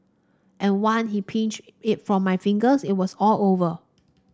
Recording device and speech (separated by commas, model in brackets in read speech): standing microphone (AKG C214), read sentence